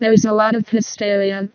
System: VC, vocoder